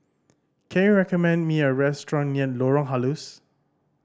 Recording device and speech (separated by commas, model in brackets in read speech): standing microphone (AKG C214), read sentence